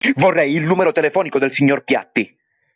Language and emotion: Italian, angry